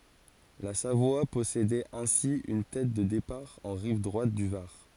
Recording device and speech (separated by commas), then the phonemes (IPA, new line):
forehead accelerometer, read sentence
la savwa pɔsedɛt ɛ̃si yn tɛt də depaʁ ɑ̃ ʁiv dʁwat dy vaʁ